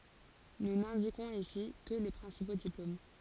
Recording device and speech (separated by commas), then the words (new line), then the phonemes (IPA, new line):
forehead accelerometer, read sentence
Nous n'indiquons ici que les principaux diplômes.
nu nɛ̃dikɔ̃z isi kə le pʁɛ̃sipo diplom